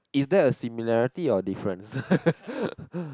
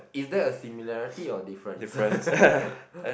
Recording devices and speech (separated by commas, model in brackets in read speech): close-talking microphone, boundary microphone, conversation in the same room